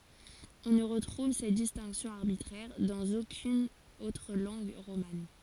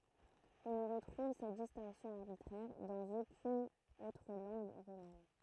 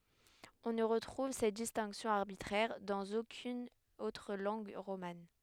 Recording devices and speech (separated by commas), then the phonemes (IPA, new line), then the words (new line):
forehead accelerometer, throat microphone, headset microphone, read sentence
ɔ̃ nə ʁətʁuv sɛt distɛ̃ksjɔ̃ aʁbitʁɛʁ dɑ̃z okyn otʁ lɑ̃ɡ ʁoman
On ne retrouve cette distinction arbitraire dans aucune autre langue romane.